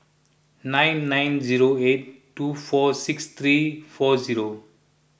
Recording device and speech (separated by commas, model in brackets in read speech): boundary microphone (BM630), read sentence